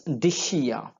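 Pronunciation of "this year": In 'this year', the two words run together, and the last sound of 'this' becomes sh.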